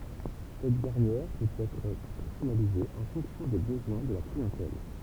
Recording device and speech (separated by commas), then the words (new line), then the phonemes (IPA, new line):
temple vibration pickup, read sentence
Cette dernière peut être personnalisée en fonction des besoins de la clientèle.
sɛt dɛʁnjɛʁ pøt ɛtʁ pɛʁsɔnalize ɑ̃ fɔ̃ksjɔ̃ de bəzwɛ̃ də la kliɑ̃tɛl